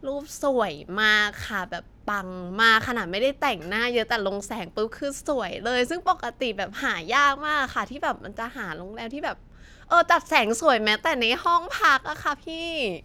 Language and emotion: Thai, happy